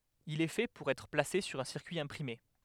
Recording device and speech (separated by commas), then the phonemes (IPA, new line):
headset microphone, read sentence
il ɛ fɛ puʁ ɛtʁ plase syʁ œ̃ siʁkyi ɛ̃pʁime